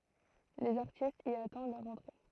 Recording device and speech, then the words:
throat microphone, read sentence
Les artistes y attendent leur entrée.

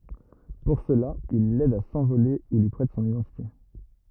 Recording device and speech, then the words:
rigid in-ear microphone, read sentence
Pour cela, il l'aide à s'envoler ou lui prête son identité.

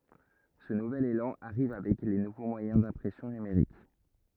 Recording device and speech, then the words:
rigid in-ear microphone, read sentence
Ce nouvel élan arrive avec les nouveaux moyens d'impression numérique.

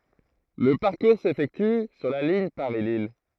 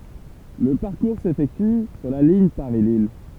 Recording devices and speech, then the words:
throat microphone, temple vibration pickup, read sentence
Le parcours s'effectue sur la ligne Paris-Lille.

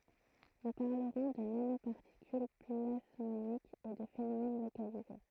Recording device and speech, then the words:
throat microphone, read sentence
Nous parlerons de nanoparticules plasmoniques et de phénomène localisé.

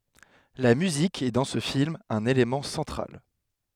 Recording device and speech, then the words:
headset microphone, read sentence
La musique est dans ce film un élément central.

